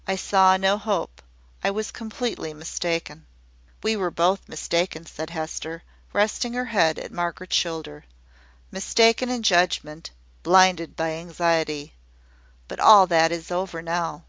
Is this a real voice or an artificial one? real